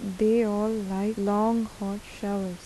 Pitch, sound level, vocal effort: 205 Hz, 83 dB SPL, soft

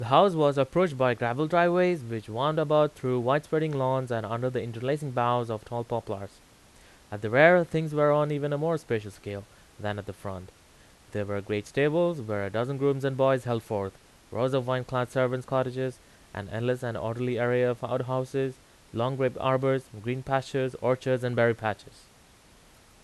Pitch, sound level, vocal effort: 125 Hz, 88 dB SPL, loud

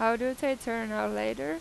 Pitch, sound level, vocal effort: 225 Hz, 90 dB SPL, normal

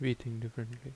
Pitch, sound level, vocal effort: 120 Hz, 73 dB SPL, soft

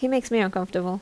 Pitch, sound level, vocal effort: 195 Hz, 78 dB SPL, normal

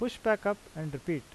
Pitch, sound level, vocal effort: 185 Hz, 85 dB SPL, normal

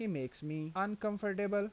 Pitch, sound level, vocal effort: 200 Hz, 86 dB SPL, normal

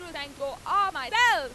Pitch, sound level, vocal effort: 395 Hz, 103 dB SPL, very loud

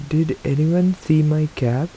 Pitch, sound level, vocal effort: 155 Hz, 79 dB SPL, soft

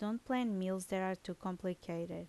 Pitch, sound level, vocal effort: 190 Hz, 78 dB SPL, normal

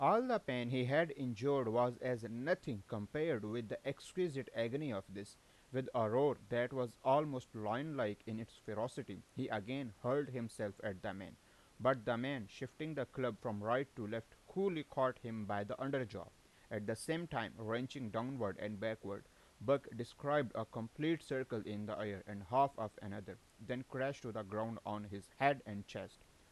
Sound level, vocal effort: 89 dB SPL, loud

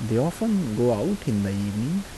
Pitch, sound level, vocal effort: 120 Hz, 79 dB SPL, soft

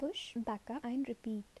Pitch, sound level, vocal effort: 235 Hz, 72 dB SPL, soft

